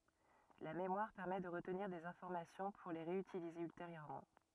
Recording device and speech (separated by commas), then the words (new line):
rigid in-ear microphone, read sentence
La mémoire permet de retenir des informations pour les réutiliser ultérieurement.